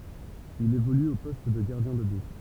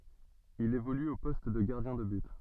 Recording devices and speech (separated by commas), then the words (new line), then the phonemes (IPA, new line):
temple vibration pickup, soft in-ear microphone, read sentence
Il évolue au poste de gardien de but.
il evoly o pɔst də ɡaʁdjɛ̃ də byt